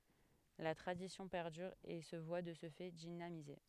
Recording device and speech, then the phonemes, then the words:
headset microphone, read sentence
la tʁadisjɔ̃ pɛʁdyʁ e sə vwa də sə fɛ dinamize
La tradition perdure et se voit de ce fait dynamisée.

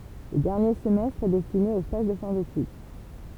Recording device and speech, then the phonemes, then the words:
temple vibration pickup, read sentence
lə dɛʁnje səmɛstʁ ɛ dɛstine o staʒ də fɛ̃ detyd
Le dernier semestre est destiné aux stages de fin d'étude.

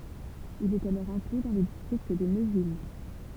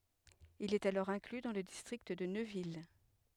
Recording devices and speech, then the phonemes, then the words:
temple vibration pickup, headset microphone, read sentence
il ɛt alɔʁ ɛ̃kly dɑ̃ lə distʁikt də nøvil
Il est alors inclus dans le district de Neuville.

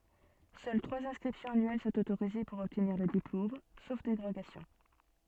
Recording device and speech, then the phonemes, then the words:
soft in-ear microphone, read sentence
sœl tʁwaz ɛ̃skʁipsjɔ̃z anyɛl sɔ̃t otoʁize puʁ ɔbtniʁ lə diplom sof deʁoɡasjɔ̃
Seules trois inscriptions annuelles sont autorisées pour obtenir le diplôme, sauf dérogations.

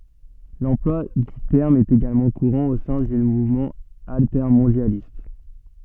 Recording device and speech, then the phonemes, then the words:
soft in-ear microphone, read sentence
lɑ̃plwa dy tɛʁm ɛt eɡalmɑ̃ kuʁɑ̃ o sɛ̃ dy muvmɑ̃ altɛʁmɔ̃djalist
L'emploi du terme est également courant au sein du mouvement altermondialiste.

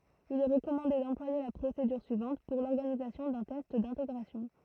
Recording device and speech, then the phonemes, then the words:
throat microphone, read sentence
il ɛ ʁəkɔmɑ̃de dɑ̃plwaje la pʁosedyʁ syivɑ̃t puʁ lɔʁɡanizasjɔ̃ dœ̃ tɛst dɛ̃teɡʁasjɔ̃
Il est recommandé d'employer la procédure suivante pour l'organisation d'un test d’intégration.

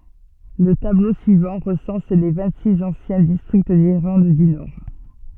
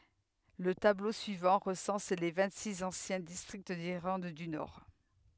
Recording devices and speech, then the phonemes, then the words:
soft in-ear microphone, headset microphone, read sentence
lə tablo syivɑ̃ ʁəsɑ̃s le vɛ̃ɡtsiks ɑ̃sjɛ̃ distʁikt diʁlɑ̃d dy nɔʁ
Le tableau suivant recense les vingt-six anciens districts d'Irlande du Nord.

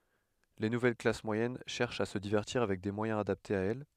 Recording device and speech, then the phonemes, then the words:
headset microphone, read sentence
le nuvɛl klas mwajɛn ʃɛʁʃt a sə divɛʁtiʁ avɛk de mwajɛ̃z adaptez a ɛl
Les nouvelles classes moyennes cherchent à se divertir avec des moyens adaptés à elles.

